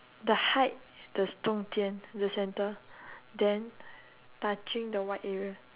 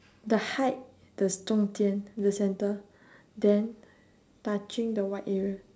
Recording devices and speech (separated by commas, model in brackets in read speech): telephone, standing microphone, conversation in separate rooms